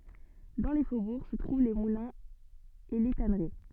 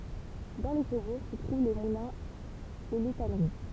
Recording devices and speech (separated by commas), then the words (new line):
soft in-ear microphone, temple vibration pickup, read sentence
Dans les faubourgs se trouvent les moulins et les tanneries.